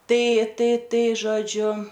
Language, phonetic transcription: Lithuanian, ˈtai ˈtai ˈtai žoˈdžiu

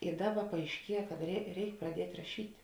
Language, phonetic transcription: Lithuanian, i ˈdaˌba paaišˈkie kad rei ˈreik praˈdiet' raˈšyt'

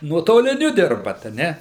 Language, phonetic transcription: Lithuanian, nuotoliˈniu ˈdirbat a ˈne

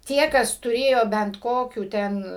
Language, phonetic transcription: Lithuanian, ˈtie kas tuˈrėjo bent ˈkokių ˈten

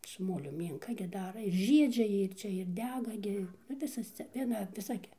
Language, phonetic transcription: Lithuanian, su ˈmoliu ˈmynka gi ˈdara ir ˈžiedžia ˈjie ir ˈčia ir ˈdega ˈgi ˈnu ˈvisas cia ˈviena viˈsa gi

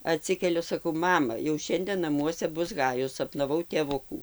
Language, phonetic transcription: Lithuanian, aˈtsikeliu saˈkau ˈmama jau ˈšiandė naˈmuose ˈbus ˈhajus sapnaˈvau tėˈvukų

